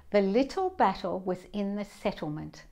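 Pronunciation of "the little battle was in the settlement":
'The little battle was in the settlement' is said with a British accent.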